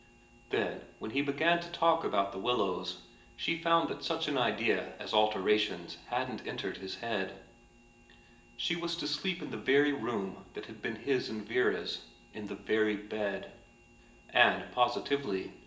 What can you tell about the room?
A sizeable room.